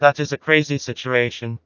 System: TTS, vocoder